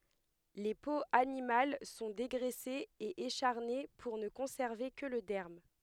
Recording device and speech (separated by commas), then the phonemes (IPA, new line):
headset microphone, read sentence
le poz animal sɔ̃ deɡʁɛsez e eʃaʁne puʁ nə kɔ̃sɛʁve kə lə dɛʁm